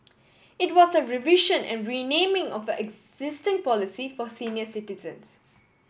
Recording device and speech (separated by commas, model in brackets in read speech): boundary microphone (BM630), read sentence